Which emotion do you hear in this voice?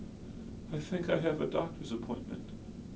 fearful